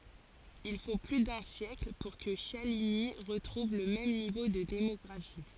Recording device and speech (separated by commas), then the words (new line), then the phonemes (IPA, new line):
forehead accelerometer, read sentence
Il faut plus d'un siècle pour que Chaligny retrouve le même niveau de démographie.
il fo ply dœ̃ sjɛkl puʁ kə ʃaliɲi ʁətʁuv lə mɛm nivo də demɔɡʁafi